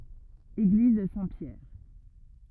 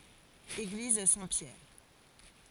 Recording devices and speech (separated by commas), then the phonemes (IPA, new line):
rigid in-ear microphone, forehead accelerometer, read sentence
eɡliz sɛ̃tpjɛʁ